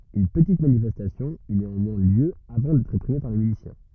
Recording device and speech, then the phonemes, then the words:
rigid in-ear microphone, read sentence
yn pətit manifɛstasjɔ̃ y neɑ̃mwɛ̃ ljø avɑ̃ dɛtʁ ʁepʁime paʁ le milisjɛ̃
Une petite manifestation eut néanmoins lieu avant d'être réprimée par les miliciens.

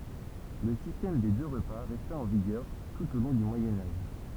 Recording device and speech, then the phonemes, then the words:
temple vibration pickup, read sentence
lə sistɛm de dø ʁəpa ʁɛsta ɑ̃ viɡœʁ tut o lɔ̃ dy mwajɛ̃ aʒ
Le système des deux repas resta en vigueur tout au long du Moyen Âge.

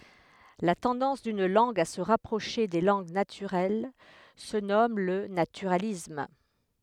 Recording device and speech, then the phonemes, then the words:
headset microphone, read sentence
la tɑ̃dɑ̃s dyn lɑ̃ɡ a sə ʁapʁoʃe de lɑ̃ɡ natyʁɛl sə nɔm lə natyʁalism
La tendance d'une langue à se rapprocher des langues naturelles se nomme le naturalisme.

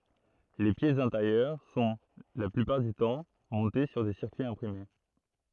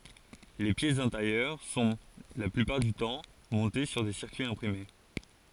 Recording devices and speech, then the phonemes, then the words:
throat microphone, forehead accelerometer, read sentence
le pjɛsz ɛ̃teʁjœʁ sɔ̃ la plypaʁ dy tɑ̃ mɔ̃te syʁ de siʁkyiz ɛ̃pʁime
Les pièces intérieures sont, la plupart du temps, montées sur des circuits imprimés.

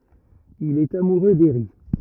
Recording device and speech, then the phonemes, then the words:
rigid in-ear microphone, read sentence
il ɛt amuʁø deʁi
Il est amoureux d’Eri.

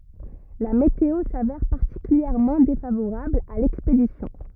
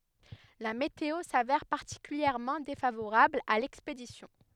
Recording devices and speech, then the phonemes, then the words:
rigid in-ear microphone, headset microphone, read sentence
la meteo savɛʁ paʁtikyljɛʁmɑ̃ defavoʁabl a lɛkspedisjɔ̃
La météo s’avère particulièrement défavorable à l’expédition.

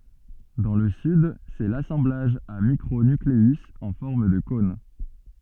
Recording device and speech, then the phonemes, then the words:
soft in-ear microphone, read sentence
dɑ̃ lə syd sɛ lasɑ̃blaʒ a mikʁo nykleyz ɑ̃ fɔʁm də kɔ̃n
Dans le Sud, c'est l'assemblage à micro-nucléus en forme de cône.

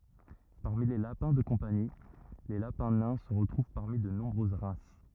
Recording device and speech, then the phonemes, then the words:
rigid in-ear microphone, read sentence
paʁmi le lapɛ̃ də kɔ̃pani le lapɛ̃ nɛ̃ sə ʁətʁuv paʁmi də nɔ̃bʁøz ʁas
Parmi les lapins de compagnie, les lapins nains se retrouvent parmi de nombreuses races.

